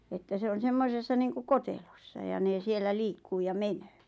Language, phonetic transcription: Finnish, että 'se on "semmosessa niiŋkuᵏ "kotelossa ja 'nè 'siellä 'liikkuu ja "menöö .
- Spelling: että se on semmoisessa niin kuin kotelossa ja ne siellä liikkuu ja menee

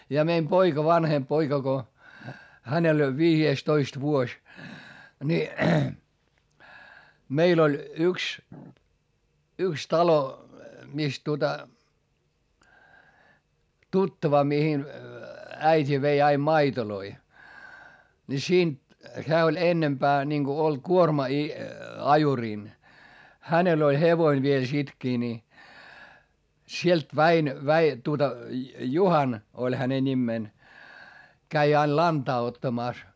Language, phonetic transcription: Finnish, ja meim poika vanhemp poika ko , hänel ‿oĺ viijeestoist vuoś , ni , meil ‿oĺ , yks , yks talo , mis tuota , tuttava mihin , äit́i vei aim maitoloi , ni siint , hää oĺ ennempää , ninGo oĺ kuorma i- , ajurìn , hänel ‿oĺ hevoin viel sitkii ni , sielt Väin- , Väi- , tuota , Juhan , oĺ häne ńimmeen , käi ail lantaa ottamàs .
- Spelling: ja meidän poika vanhempi poika kun hänellä oli viidestoista vuosi niin meillä oli yksi yksi talo missä tuota tuttava mihin äiti vei aina maitoja niin siitä hän oli enempää niin kuin oli kuorma - ajurin hänellä oli hevonen vielä sittenkin niin sieltä - - tuota Juhana oli hänen nimensä kävi aina lantaa ottamassa

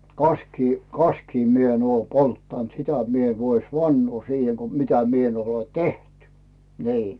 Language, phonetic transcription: Finnish, 'kaskii , 'kaskii mi ‿en ‿oo "polttant , "sitä mi ‿en vois 'vannoo siihe ko 'mitä 'mie en ‿ole "teht , nii .
- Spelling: kaskia kaskia minä en ole polttanut sitä minä en voi vannoa siihen kun mitä minä en ole tehnyt niin

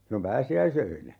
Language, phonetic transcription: Finnish, sillom "pääsi₍äisöinä .
- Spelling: silloin pääsiäisöinä

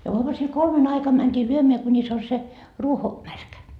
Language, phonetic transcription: Finnish, ja uamusil "kolmen aikam mänt́ii 'lyömeä kuńis on se , 'ruoko , "märkä .
- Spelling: ja aamusilla kolmen aikana mentiin lyömään kunis on se ruoko märkä

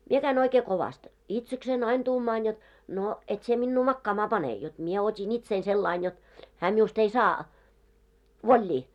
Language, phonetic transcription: Finnish, 'mie käin ‿oikee 'kovast , 'itseksein ain 'tuumaan jot , » no , 'et sie 'minnu 'makkaamaa "pane « , jot 'mie ot́in 'itsein sellain jot , 'hää miust ‿ei 'saa , "voĺĺii .
- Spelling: minä kävin oikein kovasti itsekseni aina tuumaan jotta no et sinä minua makaamaan pane jotta minä otin itseni sillä lailla jotta hän minusta ei saa vollia

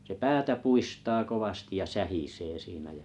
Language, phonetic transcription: Finnish, se "päätä 'puistaa 'kovastiʲ ja "sähisee siinä jä ,.
- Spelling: se päätä puistaa kovasti ja sähisee siinä ja

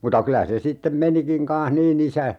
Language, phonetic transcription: Finnish, 'muta 'kylä se 'sittem "menikiŋ kanh "niin ‿isä ,.
- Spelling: mutta kyllä se sitten menikin kanssa niin isä

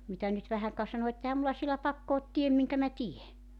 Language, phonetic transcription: Finnish, mitä nyt 'vähäŋ ka 'sano et » 'ehäm mulla sielä "pakko ot 'tiem miŋkä mä 'tie « .
- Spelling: mitä nyt vähän ka sanoi että eihän minulla siellä pakko ole teen minkä minä teen

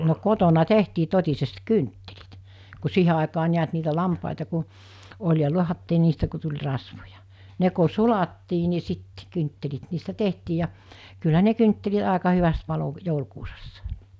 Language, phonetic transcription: Finnish, no 'kotona 'tehtii 'tot̜isest "kynttelit , ku 'siihe àekaa niät niitä 'lampàita ku , oĺ ja 'luahattii niistä ku tuĺ 'rasvoja , 'ne ko "sulattii ni sit , 'kynttelit niistä 'tehtii ja , kyllä 'ne kyntteli(t) àeka hyväst palo , 'joulkuusassaᴇ .
- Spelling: no kotona tehtiin totisesti kynttilät kun siihen aikaan näet niitä lampaita kun oli ja lahdattiin niistä kun tuli rasvoja ne kun sulattiin niin sitten kynttilät niistä tehtiin ja kyllä ne kynttilät aika hyvästi paloi joulukuusessa

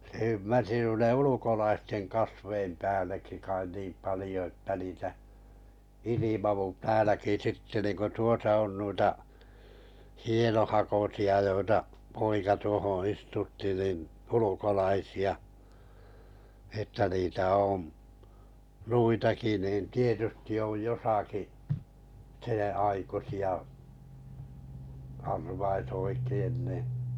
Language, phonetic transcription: Finnish, se ymmärsi 'nuine "ulukolaisteŋ kasveim 'pääl̀eki̳ kai niim 'palⁱjo että niitä , 'ilimavu "tääläki sitte niⁿku 'tuosă on on nuita , 'hienohakosi₍a joita , 'poika tuohoo̰ 'istutti nin , 'ulukolaisi₍a , että niitä oo̰m 'nuitaki niin̬ 'tietysti oj 'josaki , 'seḛ₍aikusi₍a , arvais 'oikein ni .
- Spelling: se ymmärsi noiden ulkolaisten kasvien päällekin kai niin paljon että niitä ilmaantui täälläkin sitten niin kuin tuossa on on noita hienohakoisia joita poika tuohon istutti niin ulkolaisia että niitä on noitakin niin tietysti on jossakin senaikuisia arvaisi oikein niin

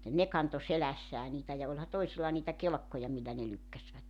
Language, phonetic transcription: Finnish, "ne 'kanto "selässää niitä ja oĺha 'toisilla niitä "kelᵉkkoja millä ne 'lykkäsvät .
- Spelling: ne kantoi selässään niitä ja olihan toisilla niitä kelkkoja millä ne lykkäsivät

